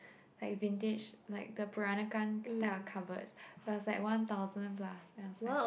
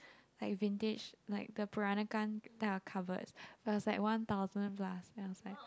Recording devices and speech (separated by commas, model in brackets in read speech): boundary microphone, close-talking microphone, conversation in the same room